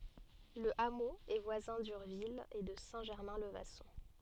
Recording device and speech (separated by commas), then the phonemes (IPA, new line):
soft in-ear microphone, read sentence
lə amo ɛ vwazɛ̃ dyʁvil e də sɛ̃ ʒɛʁmɛ̃ lə vasɔ̃